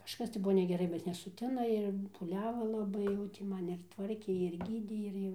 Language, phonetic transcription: Lithuanian, kažˈkas tai ˈbuvo negeˈrai bet nesuˈtina ir pūˈliava laˈbai jau ti ˈman ir ˈtvarkė ir ˈgydė ir ˈjau

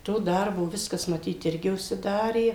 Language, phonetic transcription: Lithuanian, ˈto ˈdarbo ˈviskas maˈtyt ˈirgi užsiˈdarė

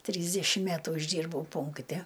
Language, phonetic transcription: Lithuanian, ˈtrysdešim ˈmætu išˈdyrbau ˈpunkte

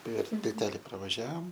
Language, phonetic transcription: Lithuanian, per tilˈteli pravaˈžiavom

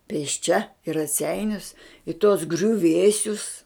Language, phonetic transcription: Lithuanian, pėsˈčia i raˈseinius i tuos griuˈvėsius

